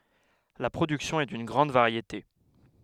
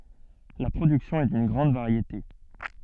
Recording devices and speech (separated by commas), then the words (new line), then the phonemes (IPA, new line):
headset microphone, soft in-ear microphone, read sentence
La production est d'une grande variété.
la pʁodyksjɔ̃ ɛ dyn ɡʁɑ̃d vaʁjete